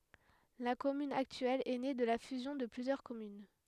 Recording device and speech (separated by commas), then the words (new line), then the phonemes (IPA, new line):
headset microphone, read sentence
La commune actuelle est née de la fusion de plusieurs communes.
la kɔmyn aktyɛl ɛ ne də la fyzjɔ̃ də plyzjœʁ kɔmyn